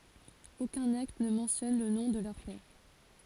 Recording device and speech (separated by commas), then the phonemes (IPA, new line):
forehead accelerometer, read sentence
okœ̃n akt nə mɑ̃tjɔn lə nɔ̃ də lœʁ pɛʁ